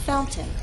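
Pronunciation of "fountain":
'Fountain' is said with a true T, the standard pronunciation.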